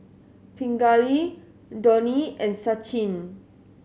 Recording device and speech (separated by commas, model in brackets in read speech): mobile phone (Samsung S8), read sentence